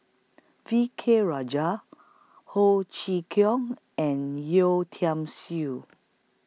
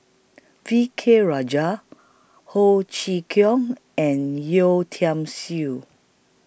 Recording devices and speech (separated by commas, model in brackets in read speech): mobile phone (iPhone 6), boundary microphone (BM630), read sentence